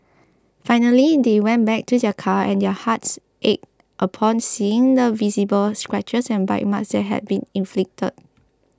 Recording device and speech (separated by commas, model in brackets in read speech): close-talking microphone (WH20), read sentence